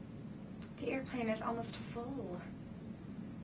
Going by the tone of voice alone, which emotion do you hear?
fearful